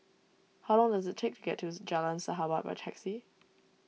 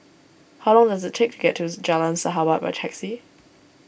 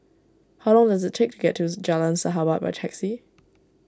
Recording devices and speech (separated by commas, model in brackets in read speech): mobile phone (iPhone 6), boundary microphone (BM630), standing microphone (AKG C214), read sentence